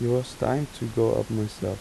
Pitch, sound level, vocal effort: 120 Hz, 82 dB SPL, soft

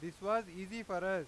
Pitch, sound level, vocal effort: 190 Hz, 99 dB SPL, very loud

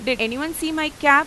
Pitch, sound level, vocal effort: 295 Hz, 96 dB SPL, loud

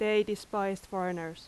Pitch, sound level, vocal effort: 195 Hz, 87 dB SPL, very loud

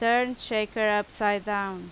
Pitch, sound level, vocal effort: 210 Hz, 90 dB SPL, very loud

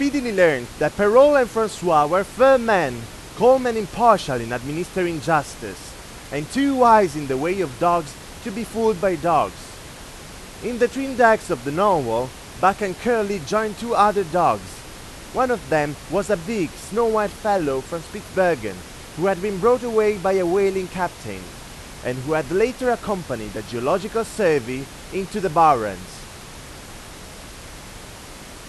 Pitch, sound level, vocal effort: 190 Hz, 98 dB SPL, very loud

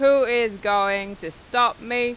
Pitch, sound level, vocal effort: 230 Hz, 97 dB SPL, very loud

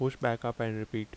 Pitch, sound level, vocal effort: 115 Hz, 79 dB SPL, normal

